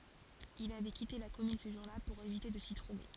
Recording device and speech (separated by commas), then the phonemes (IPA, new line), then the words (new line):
forehead accelerometer, read sentence
il avɛ kite la kɔmyn sə ʒuʁ la puʁ evite də si tʁuve
Il avait quitté la commune ce jour-là pour éviter de s’y trouver.